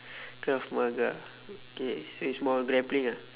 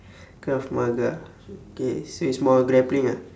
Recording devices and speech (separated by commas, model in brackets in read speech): telephone, standing microphone, conversation in separate rooms